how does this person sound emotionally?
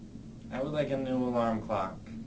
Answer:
neutral